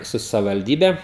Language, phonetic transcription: Lithuanian, ˈsu savivalˈdybe

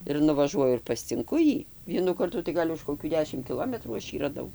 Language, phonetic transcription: Lithuanian, ir nuvaˈžuoju ir pascinˈku ˈjį ˈvienų ˈkartų tai ˈgal' už koˈkių ˈdešim kiˈlometrų ˈaš ˈjį raˈdau

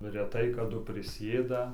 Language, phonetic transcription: Lithuanian, reˈtai kaˈdu priˈsėda

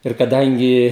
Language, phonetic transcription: Lithuanian, ir kaˈdangi

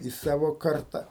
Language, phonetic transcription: Lithuanian, į ˈsavo ˈkarta

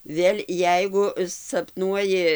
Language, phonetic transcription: Lithuanian, ˈvėl' ˈjeigu sapˈnuoji

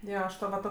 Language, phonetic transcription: Lithuanian, ˈjo aš ˈto va ˈto

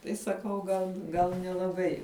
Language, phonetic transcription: Lithuanian, ˈtai saˈkau gal ˈgal nelaˈbai

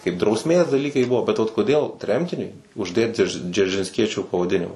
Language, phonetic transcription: Lithuanian, kaip drausˈmės daˈlykai ˈbuo bet vat koˈdėl ˈtremtiniui užˈdėt dže džeržinsˈkiečiu pavaˈdinima

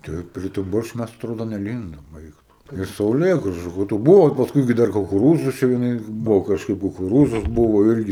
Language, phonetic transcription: Lithuanian, ˈtai prie tu ˈborščiu ˈmæs atˈrodo neˈlindom ˈaik tu iš sauˈlėgražu ka tu ˈbuvo i pasˈkui gi ˈdar kukuˈrūzus čia vieˈnais ˈbuvo kažˈkaip kukuˈrūzus ˈbuvo ˈirgi

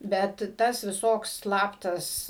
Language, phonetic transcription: Lithuanian, ˈbet ˈtas viˈsoks ˈslaptas

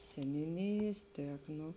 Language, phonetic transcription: Lithuanian, seniūˈnijės ˈtiek ˈno

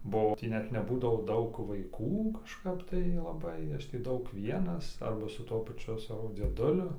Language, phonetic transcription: Lithuanian, buˈau ˈtį ˈnet neˈbūdavo ˈdaug vaiˈkų kažˈkap tai laˈbai ˈaš tį ˈdaug ˈvienas ˈarba su ˈtuo paˈčiu ˈsavo dzieˈduliu

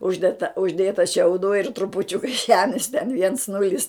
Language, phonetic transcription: Lithuanian, ˈužded tą užˈdėta šiauˈdų ir trupuˈčiuka ˈžemis ten viens ˈnulis

